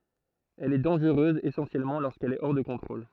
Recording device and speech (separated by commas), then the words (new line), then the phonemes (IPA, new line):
throat microphone, read sentence
Elle est dangereuse essentiellement lorsqu'elle est hors de contrôle.
ɛl ɛ dɑ̃ʒʁøz esɑ̃sjɛlmɑ̃ loʁskɛl ɛ ɔʁ də kɔ̃tʁol